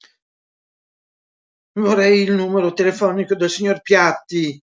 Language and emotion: Italian, fearful